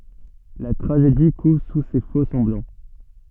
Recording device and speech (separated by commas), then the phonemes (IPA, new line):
soft in-ear microphone, read sentence
la tʁaʒedi kuv su se fokssɑ̃blɑ̃